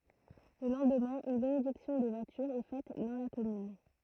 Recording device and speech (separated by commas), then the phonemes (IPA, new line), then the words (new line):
throat microphone, read sentence
lə lɑ̃dmɛ̃ yn benediksjɔ̃ de vwatyʁz ɛ fɛt dɑ̃ la kɔmyn
Le lendemain, une bénédiction des voitures est faite dans la commune.